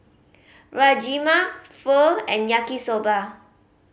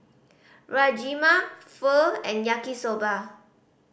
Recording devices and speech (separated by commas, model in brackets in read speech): mobile phone (Samsung C5010), boundary microphone (BM630), read sentence